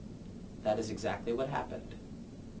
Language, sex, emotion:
English
male
neutral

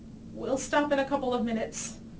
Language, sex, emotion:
English
female
neutral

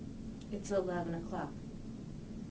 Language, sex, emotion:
English
female
neutral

